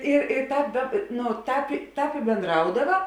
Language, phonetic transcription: Lithuanian, i i ˈtāp da nu ˈtāp ˈtāp i bėnˈdraudava

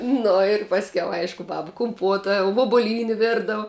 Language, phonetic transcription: Lithuanian, ˈnu ir pasˈkiau ˈaišku ˈbaba kumˈpuota vuobuˈlyni ˈvirdav

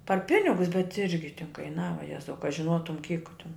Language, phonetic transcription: Lithuanian, par ˈpinigus bet ˈirgi tin kaiˈnava ˈjezau ka žiˈnotum kyk tin

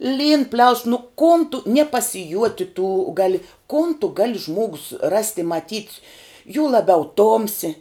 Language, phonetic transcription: Lithuanian, lyn pliaus nu kon tu nie pasiˈjuoti tų ˈgali kon tu ˈgali ˈžmuogus rast' i maˈtyt' jū laˈbiau ˈtomsi

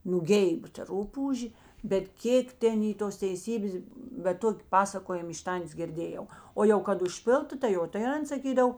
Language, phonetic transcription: Lithuanian, nūˈgeib ta ˈrupūžė bet ˈkėk ˈten ˈy tos teiˈsybės bet ˈtoki ˈpasakojim iš ˈtantės girˈdėjau ˈo jau kad užˈpiltu tai ˈjo tai ˈan saˈkydav

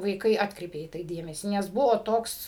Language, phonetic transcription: Lithuanian, vaiˈkai ˈatkreipė dėmesį nes ˈbuvo ˈtoks

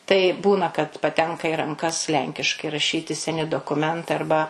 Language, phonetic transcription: Lithuanian, tai ˈbūna kad paˈtenka i ranˈkas ˈlenkiškai raˈšyti seˈni dokuˈmentai arˈba

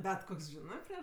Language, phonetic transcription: Lithuanian, ˈbet ˈkoks ˈžinɜ prieš

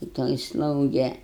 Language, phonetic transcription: Lithuanian, ta ˈtoj ˈslauge

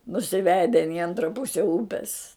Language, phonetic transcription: Lithuanian, nusiˈveden i ˈantra ˈpuse ˈūpes

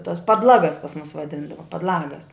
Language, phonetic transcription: Lithuanian, tas padˈlagas pas mus vaˈdindava padˈlagas

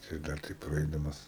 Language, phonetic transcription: Lithuanian, tai ˈdar ˈtaip praˈaidamas

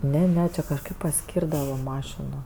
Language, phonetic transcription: Lithuanian, ˈne ˈne ˈči kažˈkaip paˈskyrdava ˈmašino

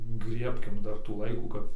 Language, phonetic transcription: Lithuanian, ˈgriebkim ˈdar tų ˈlaikų ˈkap

